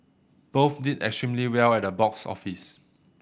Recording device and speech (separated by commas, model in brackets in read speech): boundary microphone (BM630), read sentence